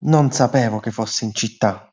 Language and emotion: Italian, neutral